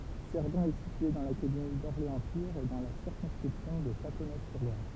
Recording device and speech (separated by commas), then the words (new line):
temple vibration pickup, read sentence
Cerdon est située dans l'académie d'Orléans-Tours et dans la circonscription de Châteauneuf-sur-Loire.